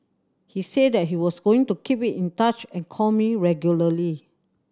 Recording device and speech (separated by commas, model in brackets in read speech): standing microphone (AKG C214), read sentence